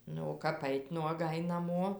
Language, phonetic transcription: Lithuanian, ˈnu o ˈkap ˈait' nuoˈgai naˈmo

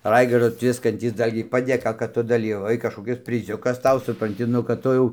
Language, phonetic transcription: Lithuanian, ˈraigardo ˈtviskantys ˈdalgiai padėˈka kad ˈtu daˈlyvavai kažkoˈkis priˈziukas ˈtau supranˈti ˈnu kad ˈtu jau

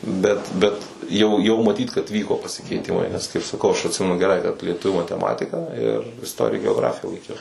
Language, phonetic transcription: Lithuanian, ˈbet bet ˈjau ˈjau maˈtyt kad ˈvyko pasikeiˈtimai nes kaip saˈkau ˈaš atˈsimenu geˈrai kad lieˈtuvių mateˈmatika ir isˈtorija geoˈgrafija laiˈkiau

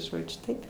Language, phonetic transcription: Lithuanian, ˈžodžiu ˈtaip

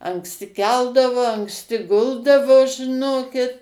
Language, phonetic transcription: Lithuanian, anksˈti ˈkeldavo anksˈti ˈguldavo žiˈnokit

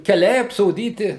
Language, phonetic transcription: Lithuanian, keˈliai apsoˈdyti

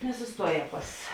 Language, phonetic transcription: Lithuanian, nesusˈtuoˌjē ˈpas

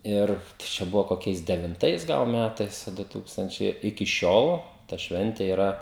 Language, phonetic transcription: Lithuanian, ˈir čia ˈbuvo koˈkiais devinˈtais ˈgal ˈmætais a ˈdu ˈtūkstančiai iki ˈšiol ta ˈšventė yˈra

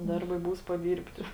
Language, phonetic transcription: Lithuanian, ˈdarˌbai ˈbūs paˈdyrbti

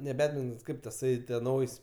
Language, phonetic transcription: Lithuanian, ne ˈbedmintons ˈkaip taˈsai tie ˈnaujs'

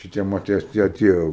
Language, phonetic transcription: Lithuanian, šiˈtie maˈtei ˈtie ˈtie

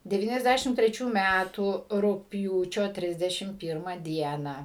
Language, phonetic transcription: Lithuanian, deˌvyniasˈdæšim treˈčių ˈmætų rugpˈjūčio ˈtrisdešim ˈpyrma ˈdiena

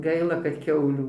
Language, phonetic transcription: Lithuanian, ˈgaila kad ˈkiaulių

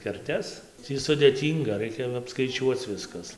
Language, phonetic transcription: Lithuanian, kerˈtes ˈtį sudėˈtynga ˈraikia apskaiˈčiuoc ˈviskas

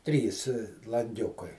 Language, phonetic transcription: Lithuanian, ˈtrys lanˈgiukai

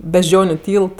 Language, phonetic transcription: Lithuanian, bežˈdžioniu ˈtylt

